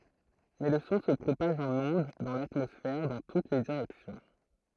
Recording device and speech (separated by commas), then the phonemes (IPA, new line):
throat microphone, read sentence
mɛ lə sɔ̃ sə pʁopaʒ ɑ̃n ɔ̃d dɑ̃ latmɔsfɛʁ dɑ̃ tut le diʁɛksjɔ̃